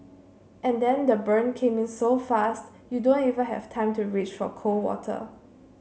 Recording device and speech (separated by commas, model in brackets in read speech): mobile phone (Samsung C7), read sentence